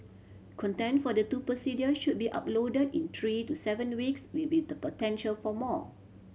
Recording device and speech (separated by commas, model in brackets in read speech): mobile phone (Samsung C7100), read sentence